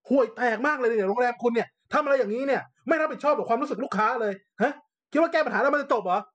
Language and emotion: Thai, angry